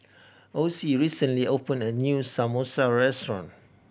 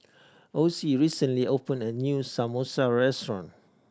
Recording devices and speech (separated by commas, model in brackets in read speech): boundary microphone (BM630), standing microphone (AKG C214), read sentence